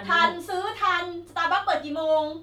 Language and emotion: Thai, frustrated